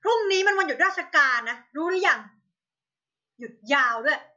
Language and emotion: Thai, angry